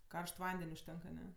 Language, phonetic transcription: Lithuanian, ˈkaršt ˈvanden' užˈtenk aˈne

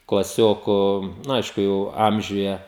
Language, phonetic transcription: Lithuanian, klaˈsioku nu ˈaišku jau ˈamžiuje

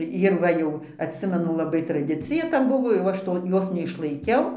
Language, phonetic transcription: Lithuanian, jir ˈva jau atˈsimenu laˈbai traˈdicija ta ˈbuvo jau ˈaš to ˈjos neišlaiˈkiau

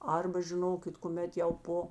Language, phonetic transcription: Lithuanian, ˈarba žiˈnokit kuˈmet jau ˈpo

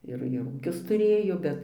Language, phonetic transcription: Lithuanian, ˈir ir ˈūkius tuˈrėjo ˈbet

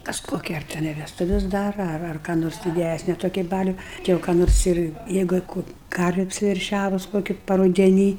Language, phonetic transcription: Lithuanian, ˈkas koˈkia teˈnai vesˈtuves ˈdara ar ar ką ˈnors diˈdæsni toˈkį ˈbaliu ˈti jau ką ˈnors ir ˈjeigu i ˈkų ˈkarvė apsiverˈšiavus ˈkoki parudeˈny

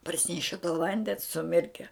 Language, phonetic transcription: Lithuanian, parˈsineše to ˈvandens suˈmirke

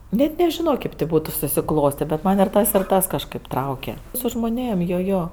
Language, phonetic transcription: Lithuanian, net nežiˈno ˈkėp tė ˈbūtu susiˈklostė bet ˈman' ir ˈtas ir ˈtas kažˈkɜp ˈtrauke su žmoˈnėm ˈjo ˈjo

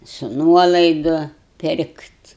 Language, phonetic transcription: Lithuanian, su ˈnuolaidu ˈpirkt'

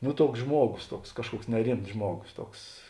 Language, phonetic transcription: Lithuanian, no ˈtuoks ˈžmuogos ˈtuoks ˈkažˌkuoks neˈrimts ˈžmuogos ˈtuoks

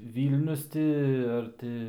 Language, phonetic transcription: Lithuanian, ˈvylnius ti ar ˈti

